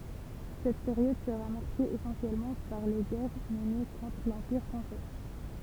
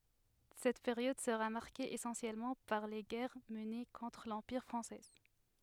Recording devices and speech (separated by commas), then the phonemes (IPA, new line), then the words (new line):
temple vibration pickup, headset microphone, read sentence
sɛt peʁjɔd səʁa maʁke esɑ̃sjɛlmɑ̃ paʁ le ɡɛʁ məne kɔ̃tʁ lɑ̃piʁ fʁɑ̃sɛ
Cette période sera marquée essentiellement par les guerres menées contre l'Empire français.